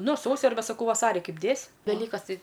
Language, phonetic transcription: Lithuanian, ˈnu ˈsausi arˈbe saˈkau ˈvasari ˈkaip ˈdės' veˈlykas ˈtai

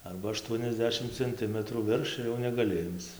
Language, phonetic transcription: Lithuanian, ˈarba aˈštuoniasˌdešim cenˈtimətrų ˈvirš ir jau negaˈli ˈimc

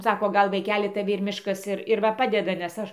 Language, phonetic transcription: Lithuanian, ˈsako ˈgal vaiˈkeli taˈvi ir ˈmiškas ˈir ir ˈva ˈpadeda nes ˈaš

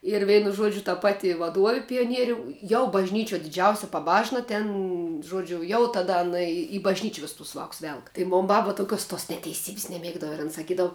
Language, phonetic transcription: Lithuanian, ir ˈveinu ˈžuodžiu ta ˈpati vaˈduovi pijoˈnieriu jau bažˈnyčiuo diˈdžiausi paˈbažna ˈten ˈžuodžiu jau taˈda aˈna i į bažˈnyči ˈvis tus ˈvāks ˈvelk tai ˈmon ˈbab toˈkios tos neteiˈsybis neˈmiegdava ir an saˈkydavu

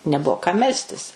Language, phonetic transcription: Lithuanian, neˈbuo kam ˈmelstis

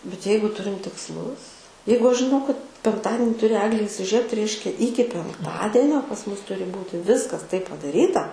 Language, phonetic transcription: Lithuanian, bet ˈjeigu ˈturim tiksˈlus ˈjeigu ˈaš žiˈnau kad penkˈtadini ˈturi ˈeglė įsiˈžiebt ˈreiškia ˈyki penkˈtadienio pas ˈmus ˈturi ˈbūti ˈviskas taip padaˈryta

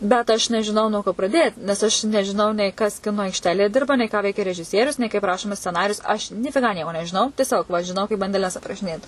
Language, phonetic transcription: Lithuanian, bet ˈaš nežiˈnau nuo ko praˈdėt nes aš nežiˈnau nei kas ˈkino aikšˈtelėje ˈdirba nei ką ˈveikia režiˈsierius nei kaip ˈrašomas sceˈnarijus ˈaš (nifiˈgą) ˈnieko nežiˈnau tieˈsiog va žiˈnau bandeˈles aprašiˈnėt

